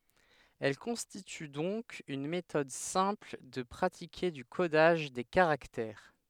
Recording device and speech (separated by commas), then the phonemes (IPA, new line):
headset microphone, read sentence
ɛl kɔ̃stity dɔ̃k yn metɔd sɛ̃pl də pʁatike dy kodaʒ de kaʁaktɛʁ